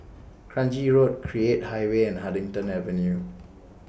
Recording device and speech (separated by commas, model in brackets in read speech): boundary microphone (BM630), read sentence